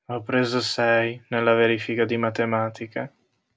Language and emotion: Italian, sad